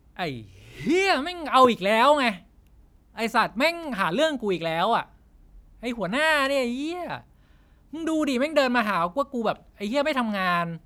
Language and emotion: Thai, angry